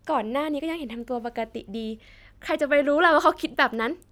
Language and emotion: Thai, happy